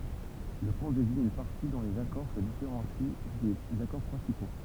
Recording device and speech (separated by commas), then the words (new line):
temple vibration pickup, read sentence
Le pont désigne une partie dont les accords se différencient des accords principaux.